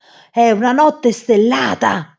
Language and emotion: Italian, surprised